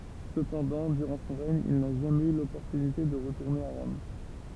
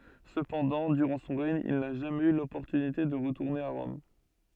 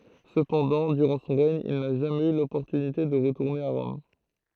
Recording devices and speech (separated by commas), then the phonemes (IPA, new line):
temple vibration pickup, soft in-ear microphone, throat microphone, read sentence
səpɑ̃dɑ̃ dyʁɑ̃ sɔ̃ ʁɛɲ il na ʒamɛz y lɔpɔʁtynite də ʁətuʁne a ʁɔm